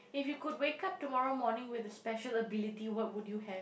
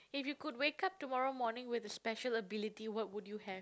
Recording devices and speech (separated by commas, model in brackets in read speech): boundary microphone, close-talking microphone, conversation in the same room